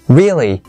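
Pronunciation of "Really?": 'Really' is stressed, and it is said as a short question that expresses surprise.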